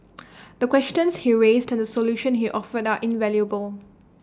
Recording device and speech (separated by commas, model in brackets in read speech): standing microphone (AKG C214), read sentence